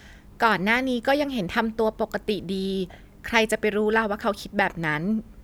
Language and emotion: Thai, neutral